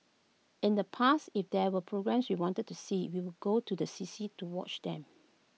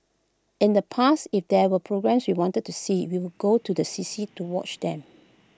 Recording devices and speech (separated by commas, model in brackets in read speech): mobile phone (iPhone 6), close-talking microphone (WH20), read sentence